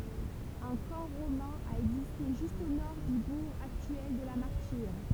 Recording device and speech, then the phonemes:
temple vibration pickup, read sentence
œ̃ kɑ̃ ʁomɛ̃ a ɛɡziste ʒyst o nɔʁ dy buʁ aktyɛl də la maʁtiʁ

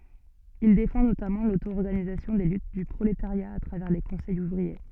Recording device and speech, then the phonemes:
soft in-ear microphone, read sentence
il defɑ̃ notamɑ̃ lotoɔʁɡanizasjɔ̃ de lyt dy pʁoletaʁja a tʁavɛʁ le kɔ̃sɛjz uvʁie

